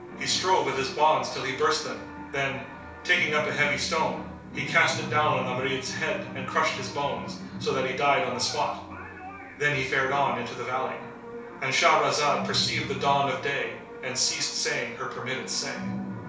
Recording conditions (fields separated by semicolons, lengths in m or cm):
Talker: one person; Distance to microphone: 3.0 m; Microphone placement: far; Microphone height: 1.8 m; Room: small (3.7 m by 2.7 m); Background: television